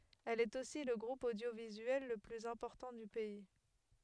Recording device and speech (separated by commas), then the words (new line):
headset microphone, read sentence
Elle est aussi le groupe audiovisuel le plus important du pays.